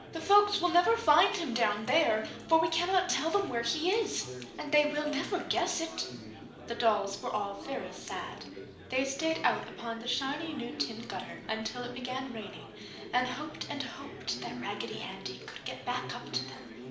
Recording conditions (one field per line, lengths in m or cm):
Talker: one person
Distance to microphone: 2.0 m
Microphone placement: close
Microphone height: 99 cm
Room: medium-sized (5.7 m by 4.0 m)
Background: babble